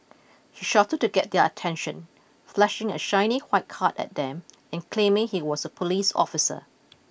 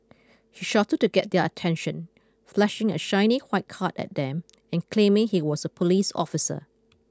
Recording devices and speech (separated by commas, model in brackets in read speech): boundary microphone (BM630), close-talking microphone (WH20), read sentence